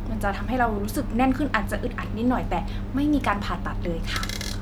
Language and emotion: Thai, neutral